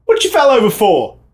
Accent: British accent